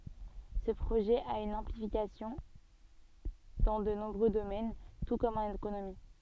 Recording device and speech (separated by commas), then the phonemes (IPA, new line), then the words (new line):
soft in-ear microphone, read sentence
sə pʁoʒɛ a yn ɛ̃plikasjɔ̃ dɑ̃ də nɔ̃bʁø domɛn tu kɔm ɑ̃n ekonomi
Ce projet a une implication dans de nombreux domaines, tout comme en économie.